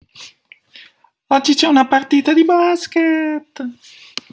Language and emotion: Italian, happy